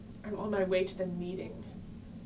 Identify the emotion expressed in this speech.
fearful